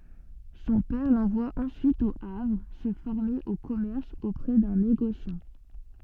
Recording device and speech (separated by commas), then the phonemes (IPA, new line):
soft in-ear microphone, read sentence
sɔ̃ pɛʁ lɑ̃vwa ɑ̃syit o avʁ sə fɔʁme o kɔmɛʁs opʁɛ dœ̃ neɡosjɑ̃